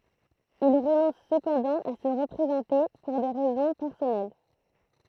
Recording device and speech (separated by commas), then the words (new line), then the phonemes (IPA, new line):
throat microphone, read sentence
Il renonce cependant à se représenter, pour des raisons personnelles.
il ʁənɔ̃s səpɑ̃dɑ̃ a sə ʁəpʁezɑ̃te puʁ de ʁɛzɔ̃ pɛʁsɔnɛl